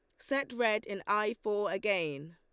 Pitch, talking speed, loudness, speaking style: 205 Hz, 170 wpm, -33 LUFS, Lombard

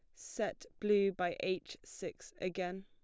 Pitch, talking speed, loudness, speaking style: 185 Hz, 135 wpm, -38 LUFS, plain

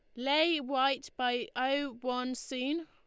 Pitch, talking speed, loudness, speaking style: 260 Hz, 135 wpm, -32 LUFS, Lombard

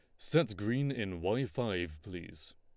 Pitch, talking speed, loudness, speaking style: 105 Hz, 155 wpm, -35 LUFS, Lombard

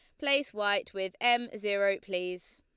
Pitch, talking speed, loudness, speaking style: 205 Hz, 155 wpm, -30 LUFS, Lombard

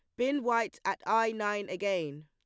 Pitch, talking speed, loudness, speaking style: 205 Hz, 175 wpm, -31 LUFS, plain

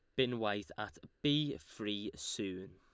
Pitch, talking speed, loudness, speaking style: 105 Hz, 140 wpm, -38 LUFS, Lombard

